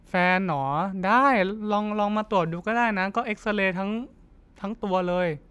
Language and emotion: Thai, neutral